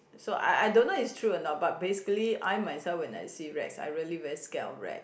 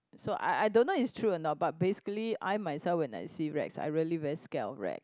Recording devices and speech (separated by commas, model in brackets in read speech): boundary microphone, close-talking microphone, conversation in the same room